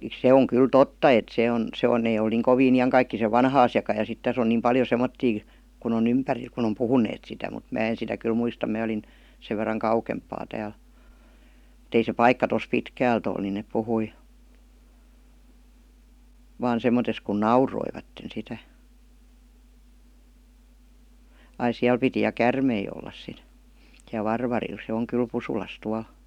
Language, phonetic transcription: Finnish, se oŋ 'kyl "totta et 'se on , 'se on nè eⁱ ol niiŋ 'koviin ijaŋkaikkisev "vanna asjaka ja sit 'täs ‿on niim 'paljo 'semmottii , kun ‿o"n ‿ympäril kun ‿om "puhuneet sitä mut 'mä en sitä kyl muista 'mää olin , 'sev verraŋ ''kaukemp̆paa 'tääl , m̥t ‿ei se ''paikka tos ''pitkäält ‿ol ni nep 'puhui , 'vaan 'sem̀otes kun "nauroivatten 'sitä , ai 'siäl piti ja "kärmei ollas sit , siäl "Varvaril se oŋ 'kyl "Pusulas tual .
- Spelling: se on kyllä totta että se on se on ne ei ole niin kovin iankaikkisen vanha asiakaan ja sitten tässä on niin paljon semmoisia kun on ympärillä kun on puhuneet sitä mutta minä en sitä kyllä muista minä olin sen verran kauempaa täällä mutta ei se paikka tuossa pitkältä ole niin ne puhui vain semmottoon kun nauroivat sitä ai siellä piti ja käärmeitä olla sitten siellä Varvarilla se on kyllä Pusulassa tuolla

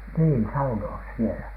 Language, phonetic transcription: Finnish, nii , "sauno₍as sielä .
- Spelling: niin saunoa siellä

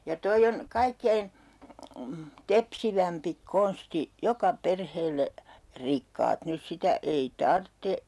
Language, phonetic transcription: Finnish, ja 'toi on , "kaikkein , 'tepsivämpi 'konsti "joka "perheelle , 'rikkaat nys 'sitä 'ei "tartte .
- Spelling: ja tuo on kaikkein tepsivämpi konsti joka perheelle rikkaat nyt sitä ei tarvitse

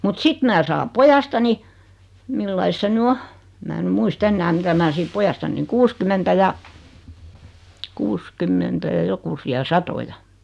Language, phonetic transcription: Finnish, mut 'sit mää 'saam "pojastani , 'millais se 'ny "o , em 'mää ny 'muis"t ‿ennä mitä 'mä sit 'pojastanniŋ 'kuuskymmentä ja , 'kuuskymmentä ja 'jokusi₍a "satoja .
- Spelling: mutta sitten minä saan pojastani milläs lailla se nyt on en minä nyt muista enää mitä minä sitten pojastani kuusikymmentä ja kuusikymmentä ja jokusia satoja

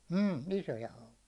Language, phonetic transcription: Finnish, m̥ , 'isoja 'haukija .
- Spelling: mm isoja haukia

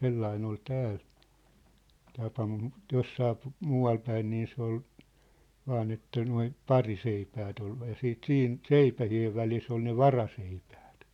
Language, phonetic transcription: Finnish, 'sellain ‿ol 'tääl , tapa mut , 'jossaa , 'muu₍al päin nii se ‿ol , 'vaan ‿että noi , "pariseipäät ‿ol , ja 'siit "siin , "seipähi₍ev välis ‿ol ne "varaseipᴀ̈ᴀ̈t .
- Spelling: sellainen oli täällä tapa mutta jossakin muualla päin niin se oli vain että nuo pariseipäät oli ja sitten siinä seipäiden välissä oli ne varaseipäät

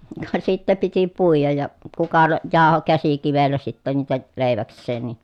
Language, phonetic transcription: Finnish, ka sittä piti puijaj ja , kuka (ne) jaaho käsikivellä sittä niitä , lèi̮väks̆seen ni .
- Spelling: ka sitten piti puida ja kuka ne jauhoi käsikivellä sitten niitä leiväkseen niin

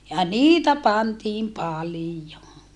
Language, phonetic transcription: Finnish, ja niitä pantiim palijo .
- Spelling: ja niitä pantiin paljon

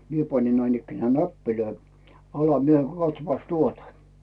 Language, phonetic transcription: Finnish, 'mie pańin näinikkenää "näppilöi , 'ala 'mie » 'katsᵒppas "tuota « .
- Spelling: minä panin näinikään näppejä alas minä katsopas tuota

